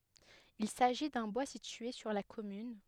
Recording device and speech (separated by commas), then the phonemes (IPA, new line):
headset microphone, read sentence
il saʒi dœ̃ bwa sitye syʁ la kɔmyn